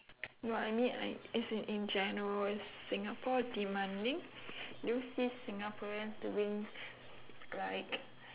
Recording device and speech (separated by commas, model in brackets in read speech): telephone, conversation in separate rooms